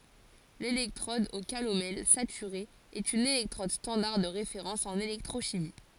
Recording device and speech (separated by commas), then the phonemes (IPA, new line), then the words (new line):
forehead accelerometer, read sentence
lelɛktʁɔd o kalomɛl satyʁe ɛt yn elɛktʁɔd stɑ̃daʁ də ʁefeʁɑ̃s ɑ̃n elɛktʁoʃimi
L'électrode au calomel saturée est une électrode standard de référence en électrochimie.